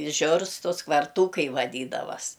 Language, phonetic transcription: Lithuanian, i ˈžiurstus kvarˈtūkai vaˈdydavas

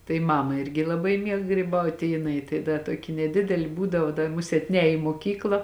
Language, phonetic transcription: Lithuanian, tai ˈmama ˈirgi laˈbai ˈmieg gryˈbauti i jiˈnai tai ˈda ˈtoki neˈdideli ˈbūdavo da ˈmusėt ˈnēj į moˈkykla

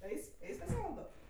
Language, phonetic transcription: Lithuanian, ˈais' ˈais' pas ˈėvaldo

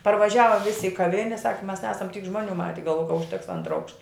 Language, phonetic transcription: Lithuanian, parvaˈžiava ˈvisi i kaˈvine sak mes ˈnesam tyk ˈžmuoˌnių ˈmate galvoja ka užˈteks ˈantra ˈaukšta

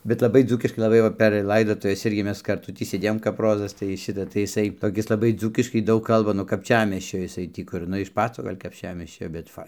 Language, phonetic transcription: Lithuanian, bet laˈbai ˈdzūkiškai laˈbai ˈva per ˈlaidotuves ˈirgi ˈmes karˈtu ˈtį sėˈdėjom kap ˈrozas tai ˈšita tai jiˈsai toˈkis laˈbai ˈdzūkiškai ˈdaug ˈkalba nuo kapˈčiamiesčio jiˈsai tį ˈkur ˈnu iš ˈpaco ˈgal' kapˈčiamiesčio bet ˈfai

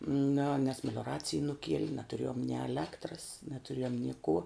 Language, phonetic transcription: Lithuanian, niu nes melioˈracij nuˈkieli natuˈrėjom ni eˈlektras natuˈrėjom ni kų

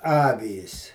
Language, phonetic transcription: Lithuanian, ˈavys

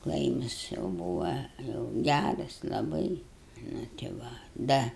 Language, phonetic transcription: Lithuanian, ˈklaimas jau ˈbūva jau ˈgæras laˈbai nu ti ˈva ˈda

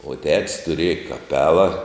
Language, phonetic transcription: Lithuanian, o tets tuˈrieja kaˈpela

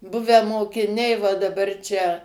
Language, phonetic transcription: Lithuanian, ˈbuvę mokiˈniai va daˈbar ˈčia

